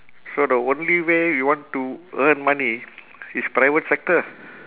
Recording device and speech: telephone, conversation in separate rooms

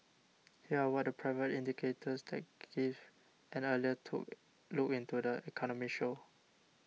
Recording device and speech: mobile phone (iPhone 6), read sentence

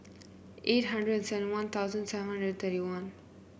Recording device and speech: boundary microphone (BM630), read sentence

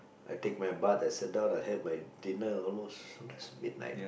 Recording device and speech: boundary microphone, conversation in the same room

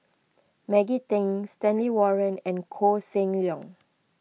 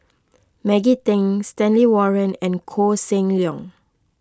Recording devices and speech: mobile phone (iPhone 6), close-talking microphone (WH20), read sentence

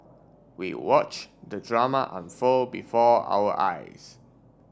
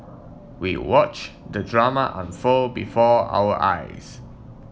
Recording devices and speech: standing microphone (AKG C214), mobile phone (iPhone 7), read sentence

